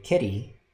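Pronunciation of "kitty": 'kitty' is said slowly, as in American English. The t is not a full stop; it is an unvoiced alveolar flap.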